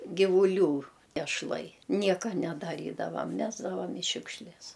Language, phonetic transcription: Lithuanian, givuˈlių ešˈlai ˈnieka nedaˈrydavam ˈmesdavam i ˈšiukšles

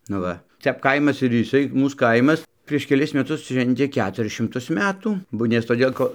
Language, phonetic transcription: Lithuanian, nu ˈva ˈtep kaimas ir jiˈsai ˈmūs ˈkaimas prieš keˈlis meˈtus ˈšventė ˈketuris šimˈtus ˈmetų ˈbu nes toˈdėl ˈko

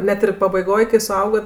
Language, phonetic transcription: Lithuanian, ˈnet ir pabaiˈgoj kai suˈaugat

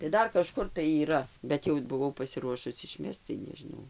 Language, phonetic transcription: Lithuanian, tai ˈdar kaˈžkur tai yˈra bet ˈjau buˈvau pasiˈruošus iˈšmesc tai nežiˈnau

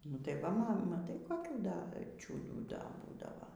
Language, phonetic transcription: Lithuanian, nu tai ˈva ˈma maˈtai koˈkių ˈda čiūdų ˈda ˈbūdava

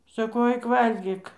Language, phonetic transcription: Lithuanian, saˈkau ˈaik ˈvalgyk

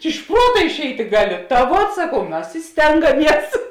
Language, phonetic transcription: Lithuanian, iš ˈpruota išˈeiti ˈgaˌli ta ˈvuot saˈkau ˈmas i ˈstengaˌmies

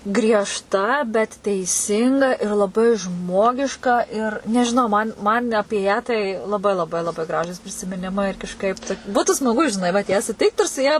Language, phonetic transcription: Lithuanian, griežˈta bet teiˈsinga ir laˈbai ˈžmogiška ir nežiˈnau man man' ˈapie tai laˈbai laˈbai laˈbai ˈgražūs prisimiˈnimai ir kažˈkaip ta ˈbūtu smaˈgu i žiˈnai vat ˈją suˈtikt ir su ˈja

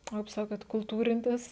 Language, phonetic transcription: Lithuanian, o kaip ˈsakot kulˈtūrintis

